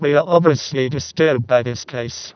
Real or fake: fake